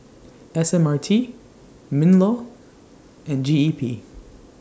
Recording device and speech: standing microphone (AKG C214), read sentence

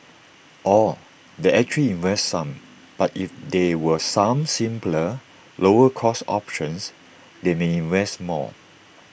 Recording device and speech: boundary microphone (BM630), read sentence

